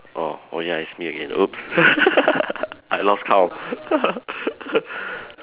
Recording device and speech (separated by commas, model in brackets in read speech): telephone, conversation in separate rooms